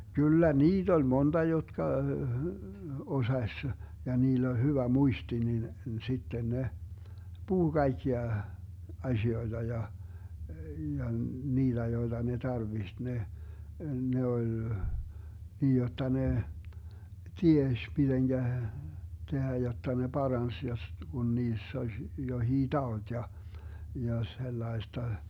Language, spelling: Finnish, kyllä niitä oli monta jotka osasi ja niillä oli hyvä muisti niin sitten ne puhui kaikkia asioita ja ja niitä joita ne tarvitsi ne ne oli niin jotta ne tiesi miten tehdä jotta ne paransi jos kun niissä olisi jokin tauti ja ja sellaista
- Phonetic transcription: 'kyllä "niit ‿oĺ 'monta 'jotka , 'osaś , ja 'niill ‿oĺ 'hyvä "muisti nin , 'sitten 'ne , 'puhu 'kaikkia , 'azi₍oiDa ja , ja "niiDä 'joiDa ne 'tarviht 'ne , 'ne ol , 'niij 'jotta ne , "tieš 'miDeŋGä , 'tehä jotta ne "Barans jos , 'Gun 'niiss ‿oz , 'johii "taot ja , ja 'sellai̮sta .

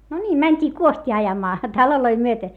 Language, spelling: Finnish, no niin mentiin kuostia ajamaan taloja myöten
- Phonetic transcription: no ńiim mäńt́ii kuost́ii ajamaa , taloloi myöte .

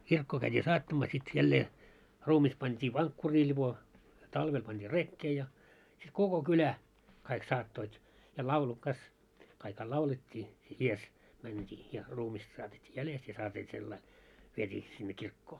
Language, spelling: Finnish, kirkkoon käytiin saattamaan sitten jälleen ruumis pantiin vankkuriin lipo talvella pantiin rekeen ja sitten koko kylä kaikki saattoivat ja laulu kas kaikki laulettiin edessä mentiin ja ruumista saatettiin jäljestä ja saatiin sillä lailla vietiin sinne kirkkoon
- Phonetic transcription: 'kirkkoo käit́ii 'saattamaa sit 'jällee , 'ruumis pant́ii 'vaŋkkurii ĺiʙo , 'talvel panᴅii "rekkee ja , sit "koko "kylä , kaik 'saattoit , ja laulu kas , kaikha 'laulet́t́ii , 'ies , mänt́ii ja ruumista saatet́t́ii 'jälest ja saatii sellai , 'viet́ii , sinne 'kirkkoo .

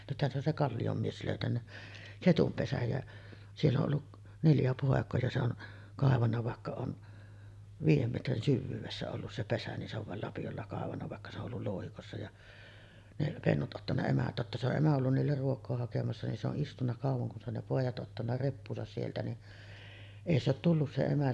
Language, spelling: Finnish, nythän se on se Kallion mies löytänyt ketun pesän ja siellä on ollut neljä poikaa ja se on kaivanut vaikka on viiden metrin syvyydessä ollut se pesä niin se on vain lapiolla kaivanut vaikka se on ollut louhikossa ja ne pennut ottanut emä totta se on emä ollut niille ruokaa hakemassa niin se on istunut kauan kun se on ne pojat ottanut reppuunsa sieltä niin ei se ole tullut se emä
- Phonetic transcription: nythän se ‿on se 'Kallijom mies lö̀ytännä , "ketum 'pesäj jä , 'siell ‿oˀ ˀollu , 'neljä pòek̀oo ja 'se ‿on , kàevanna vàekka on , 'viij̆jem metrin 'syvvyyvessä ollus se 'pesä nin se ‿ov vàel lapijolla kàevanna vàekka se ‿o , ,ollul 'lòuhikossa ja , ne 'pennut ’ottanna emä , 'totta se ‿oˀ 'ˀemä ollun niiller 'ruok̆koo hakemassa nin se ‿oˀ 'ˀistunna 'kàuv̆voŋ kun se ‿on ne 'pòij̆jat ’ottanna 'reppuusas sieltä ni , "’ei se ‿ot tullus se 'emä .

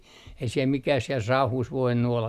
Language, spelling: Finnish, ei siellä mikään siellä sauhussa voinut olla
- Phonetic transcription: ei siel 'mikäh siel "sauhuus 'voinnu olla .

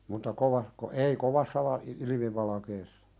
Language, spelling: Finnish, mutta - ei kovassa - ilmivalkeassa
- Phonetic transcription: mutta kovako- , "ei 'kovassa va- 'ilimivalakeessᴀ .

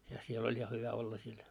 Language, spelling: Finnish, ja siellä oli ja hyvä olla siellä
- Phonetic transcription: ja 'siel oĺ ja 'hyvä olla siel .

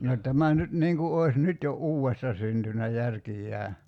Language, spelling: Finnish, no tämä nyt niin kuin olisi nyt jo uudesta syntynyt järkiään
- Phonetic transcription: no 'tämä nyt 'niiŋ ku oi̬s 'nyt jo "uuwesta syntynä 'järkijjää .

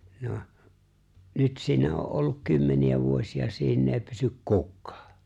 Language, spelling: Finnish, no nyt siinä on ollut kymmeniä vuosia siinä ei pysy kukaan
- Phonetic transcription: 'noh , 'nyt siinä o’ ’olluk 'kymmeni₍ä 'vuosi₍a 'siin ‿èi pysyk "kukkᴀᴀ .

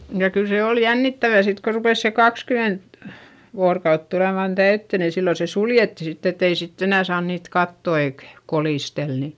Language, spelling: Finnish, ja kyllä se oli jännittävää sitten kun rupesi se kaksikymmentä vuorokautta tulemaan täyteen niin silloin se suljettiin sitten että ei sitten enää saanut niitä katsoa eikä kolistella niin
- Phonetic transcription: ja kyl se òl jännittävä sit ko rupès se kakskyment , voorkaut tulèman täyttö ni sillo se suljetti sitt ‿et ‿ei sitt ‿enä̀ saan niit katto eik , kolìstel ni .

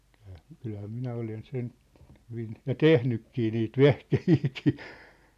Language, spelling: Finnish, kyllähän kyllähän minä olen sen hyvin ja tehnytkin niitä vehkeitäkin
- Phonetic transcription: kʏʟhᴀ̈ , 'kylhä 'minä olen 'sen , hyvin , ja "tehnykkii niit "vehkehiikii .

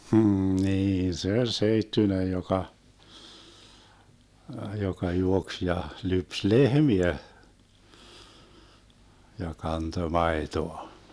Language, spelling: Finnish, hm niin se oli seittyinen joka joka juoksi ja lypsi lehmiä ja kantoi maitoa
- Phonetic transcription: hm̥ 'nii se 'oĺ "seittynej 'joka , 'joka 'juoks ja , 'lyps "lehmiä , ja 'kanto 'maetoa .

